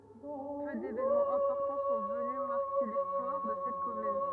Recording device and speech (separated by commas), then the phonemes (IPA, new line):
rigid in-ear microphone, read sentence
pø devenmɑ̃z ɛ̃pɔʁtɑ̃ sɔ̃ vəny maʁke listwaʁ də sɛt kɔmyn